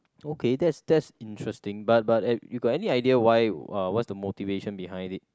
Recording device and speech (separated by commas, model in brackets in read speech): close-talking microphone, conversation in the same room